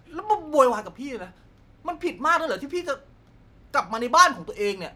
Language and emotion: Thai, angry